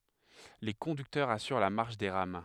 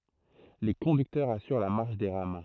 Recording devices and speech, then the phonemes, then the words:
headset microphone, throat microphone, read sentence
le kɔ̃dyktœʁz asyʁ la maʁʃ de ʁam
Les conducteurs assurent la marche des rames.

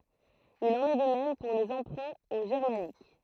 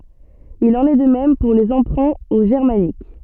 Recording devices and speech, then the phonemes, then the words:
throat microphone, soft in-ear microphone, read sentence
il ɑ̃n ɛ də mɛm puʁ le ɑ̃pʁɛ̃ o ʒɛʁmanik
Il en est de même pour les emprunts au germanique.

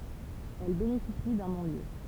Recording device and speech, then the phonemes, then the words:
temple vibration pickup, read sentence
ɛl benefisi dœ̃ nɔ̃ljø
Elle bénéficie d'un non-lieu.

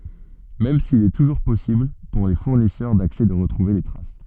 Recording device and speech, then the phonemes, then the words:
soft in-ear microphone, read sentence
mɛm sil ɛ tuʒuʁ pɔsibl puʁ le fuʁnisœʁ daksɛ də ʁətʁuve le tʁas
Même s'il est toujours possible, pour les fournisseurs d'accès de retrouver les traces.

